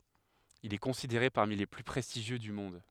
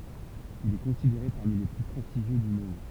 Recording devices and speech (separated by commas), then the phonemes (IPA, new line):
headset microphone, temple vibration pickup, read sentence
il ɛ kɔ̃sideʁe paʁmi le ply pʁɛstiʒjø dy mɔ̃d